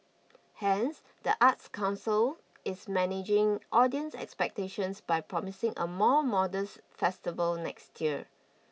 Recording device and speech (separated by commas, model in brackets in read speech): mobile phone (iPhone 6), read sentence